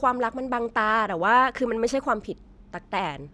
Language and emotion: Thai, frustrated